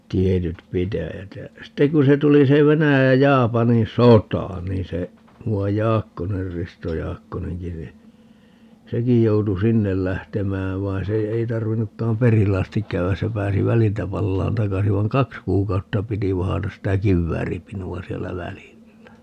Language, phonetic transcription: Finnish, 'tietyt "pitäjät jä , 'sitteŋ ku se 'tuli se 'Venäjäj ja 'Jaapanin "sotà 'niin se , 'mu₍aj "Jaakkoner - "Risto 'Jaakkoneŋki ni , "sekij 'joutu "sinnel 'lähtemääv 'vai̮n se , ei 'tarvinnukkaam "perille astik 'käy₍äs - se 'pääsi "väliltä 'pallaan "takasi - vaiŋ "kaks 'kuukautta 'piti 'vahatas sitä "kivvääripinu₍a 'siellä "välillä .
- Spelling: tietyt pitäjät ja sitten kun se tuli se Venäjän ja Japanin sota niin se muuan Jaakkonen Risto Jaakkonenkin niin sekin joutui sinne lähtemään vaan se ei tarvinnutkaan perille asti käydä se pääsi väliltä palaamaan takaisin vaan kaksi kuukautta piti vahdata sitä kivääripinoa siellä välillä

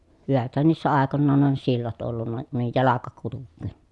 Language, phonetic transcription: Finnish, hyväthän niissä àekonnaan on sillat ollunna , ə nuij jalaka kuluk̆kee .
- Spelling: hyväthän niissä aikoinaan on sillat ollut - noin jalka kulkea

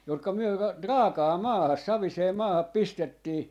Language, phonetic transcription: Finnish, jotka myö ra- , "raakaa "maahas "savisee 'maahap "pistettii ,.
- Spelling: jotka me - raakaan maahan saviseen maahan pistettiin

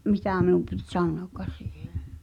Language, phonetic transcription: Finnish, 'mitä̀ miⁿum pit "sannoăkka̳s siihᴇ ,?
- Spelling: mitä minun piti sanoakaan siihen

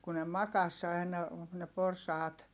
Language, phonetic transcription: Finnish, ku ne makas aina , ne porsaat .
- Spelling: kun ne makasi aina ne porsaat

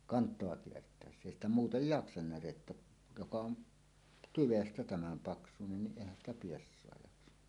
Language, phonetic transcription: Finnish, 'kant̀oa 'kiert̀ä̀essä èi ‿stä 'muutej "jaksan 'närettä , joka on , "tyvestä 'tämäm 'paksunen niˀ 'ˀèihän ‿stä 'piessoa jaksa .
- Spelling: kantoa kiertäessä ei sitä muuten jaksa närettä joka on tyvestä tämän paksuinen niin eihän sitä piessaa jaksa

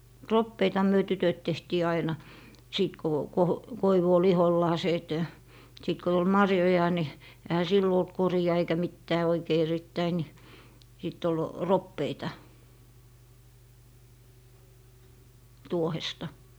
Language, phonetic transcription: Finnish, "roppeitaha myö 'tytöt tehtii 'aina , 'sìt ko , ko- , 'koivu ol "ihollaasee et , 'sìt ko tul "marjoja ni , ehä 'sillo olt 'kori₍a eikä 'mittää oikei 'erittäi ni , sit ‿ol "roppeita , 'tuohesta .
- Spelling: roppeitahan me tytöt tehtiin aina sitten kun - koivu oli ihollaan että sitten kun tuli marjoja niin eihän silloin ollut koria eikä mitään oikein erittäin niin sitten oli roppeita tuohesta

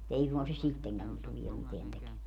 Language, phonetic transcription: Finnish, mu't ‿ei suŋkan se "sitteŋkän , tulie miteän teke - .
- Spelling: mutta ei suinkaan se sittenkään tulee mitään -

